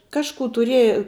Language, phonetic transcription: Lithuanian, ˈkažkų tuˈrieja

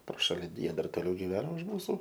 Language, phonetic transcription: Lithuanian, pro ˈšali die dar toˈliau giˈveno už ˈmūsu

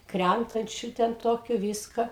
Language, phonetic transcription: Lithuanian, ˈkræntančiu ten ˈtokiu ˈvyska

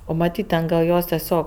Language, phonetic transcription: Lithuanian, ˈo maˈtyt' ten gal ˈjos teˈsiog

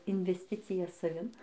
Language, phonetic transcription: Lithuanian, invesˈticija saˈvin

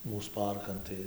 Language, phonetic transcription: Lithuanian, ˈmūs ˈparkan tai

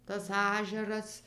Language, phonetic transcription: Lithuanian, tas ˈažeras

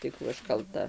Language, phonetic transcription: Lithuanian, tai ˈkų aš kalˈta

